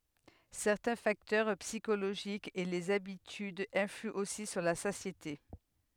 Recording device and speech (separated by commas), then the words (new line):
headset microphone, read sentence
Certains facteurs psychologiques et les habitudes influent aussi sur la satiété.